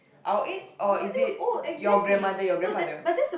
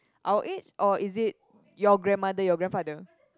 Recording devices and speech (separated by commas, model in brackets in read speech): boundary microphone, close-talking microphone, conversation in the same room